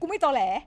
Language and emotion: Thai, angry